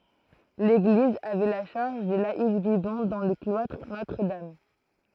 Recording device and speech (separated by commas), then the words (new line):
throat microphone, read sentence
L'église avait la charge des laïcs vivant dans le cloître Notre-Dame.